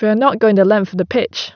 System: none